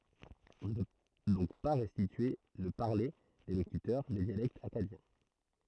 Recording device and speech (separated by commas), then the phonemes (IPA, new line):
throat microphone, read sentence
ɔ̃ nə pø dɔ̃k pa ʁɛstitye lə paʁle de lokytœʁ de djalɛktz akkadjɛ̃